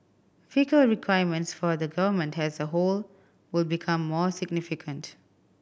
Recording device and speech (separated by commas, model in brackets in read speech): boundary microphone (BM630), read sentence